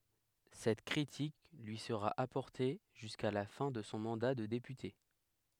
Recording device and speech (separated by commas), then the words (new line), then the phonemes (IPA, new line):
headset microphone, read sentence
Cette critique lui sera apportée jusqu'à la fin de son mandat de député.
sɛt kʁitik lyi səʁa apɔʁte ʒyska la fɛ̃ də sɔ̃ mɑ̃da də depyte